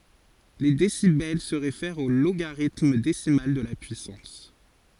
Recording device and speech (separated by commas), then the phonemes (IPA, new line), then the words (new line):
forehead accelerometer, read sentence
le desibɛl sə ʁefɛʁt o loɡaʁitm desimal də la pyisɑ̃s
Les décibels se réfèrent au logarithme décimal de la puissance.